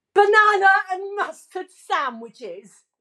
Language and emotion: English, disgusted